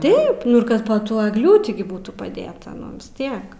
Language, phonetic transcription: Lithuanian, ˈtaip ˈnu ir ˈkad po ˈtuo egˈliūti ˈbūtų paˈdėta ˈnu vis ˈtiek

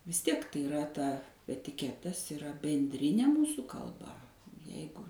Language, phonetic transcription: Lithuanian, vis ˈtiek tai iˈra ˈta etiˈketas iˈra benˈdrinė ˈmūsų kalˈba ˈjeigu

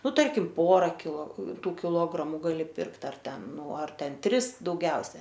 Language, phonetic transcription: Lithuanian, ˈnu ˈtarkim ˈpora kilo ˈtų kiˈlogramu gaˈli ˈpirkt ar ˈten ˈnu ar ˈten ˈtris dauˈgiausia

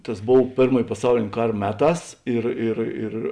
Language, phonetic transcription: Lithuanian, tas ˈbov ˈpėrmoj paˈsaulėn' ˈkar ˈmeˌtās ˈir ir ir

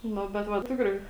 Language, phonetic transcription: Lithuanian, ˈnu bet ˈva ˈtikrai

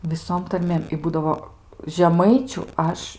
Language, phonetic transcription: Lithuanian, viˈsom tarˈmėm i ˈbūdavo žeˈmaičiu ˈaš

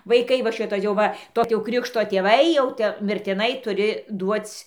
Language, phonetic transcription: Lithuanian, vaiˈkai va ˈšito jau ˈva ˈtoˈ ti jau ˈkrikšto tėˈvai jau ˈte mirtiˈnai tuˈri ˈduoc'

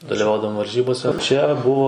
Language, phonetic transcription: Lithuanian, daliˈvaudavom varˈžybose čia ˈbuvo

